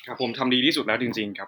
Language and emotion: Thai, neutral